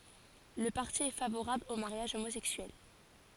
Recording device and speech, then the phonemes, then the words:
forehead accelerometer, read sentence
lə paʁti ɛ favoʁabl o maʁjaʒ omozɛksyɛl
Le parti est favorable au mariage homosexuel.

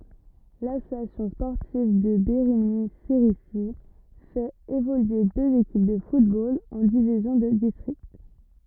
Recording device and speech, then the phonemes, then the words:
rigid in-ear microphone, read sentence
lasosjasjɔ̃ spɔʁtiv də beʁiɲi seʁizi fɛt evolye døz ekip də futbol ɑ̃ divizjɔ̃ də distʁikt
L'Association sportive de Bérigny-Cerisy fait évoluer deux équipes de football en divisions de district.

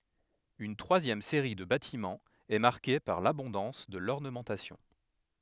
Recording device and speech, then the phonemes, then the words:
headset microphone, read sentence
yn tʁwazjɛm seʁi də batimɑ̃z ɛ maʁke paʁ labɔ̃dɑ̃s də lɔʁnəmɑ̃tasjɔ̃
Une troisième série de bâtiments est marquée par l’abondance de l’ornementation.

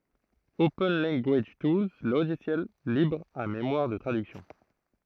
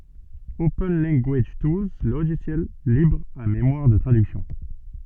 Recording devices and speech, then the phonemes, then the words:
throat microphone, soft in-ear microphone, read sentence
open lɑ̃ɡaʒ tulz loʒisjɛl libʁ a memwaʁ də tʁadyksjɔ̃
Open Language Tools Logiciel libre à mémoire de traduction.

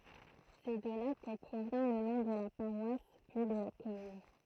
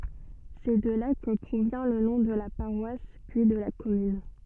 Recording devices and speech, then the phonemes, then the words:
throat microphone, soft in-ear microphone, read sentence
sɛ də la kə pʁovjɛ̃ lə nɔ̃ də la paʁwas pyi də la kɔmyn
C'est de là que provient le nom de la paroisse, puis de la commune.

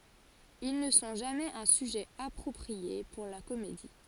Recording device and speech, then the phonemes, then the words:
forehead accelerometer, read sentence
il nə sɔ̃ ʒamɛz œ̃ syʒɛ apʁɔpʁie puʁ la komedi
Ils ne sont jamais un sujet approprié pour la comédie.

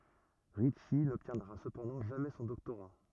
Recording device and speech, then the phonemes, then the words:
rigid in-ear microphone, read sentence
ʁitʃi nɔbtjɛ̃dʁa səpɑ̃dɑ̃ ʒamɛ sɔ̃ dɔktoʁa
Ritchie n'obtiendra cependant jamais son doctorat.

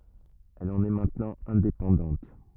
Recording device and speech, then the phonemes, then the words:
rigid in-ear microphone, read sentence
ɛl ɑ̃n ɛ mɛ̃tnɑ̃ ɛ̃depɑ̃dɑ̃t
Elle en est maintenant indépendante.

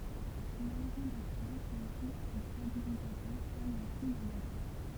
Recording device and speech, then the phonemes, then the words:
temple vibration pickup, read sentence
lɛlʁɔ̃ dɔʁsal fɛt ɔfis də stabilizatœʁ kɔm la kij dœ̃ bato
L'aileron dorsal fait office de stabilisateur comme la quille d'un bateau.

